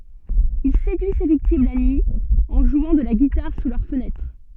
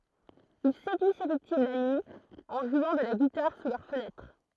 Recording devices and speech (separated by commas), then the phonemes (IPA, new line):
soft in-ear microphone, throat microphone, read sentence
il sedyi se viktim la nyi ɑ̃ ʒwɑ̃ də la ɡitaʁ su lœʁ fənɛtʁ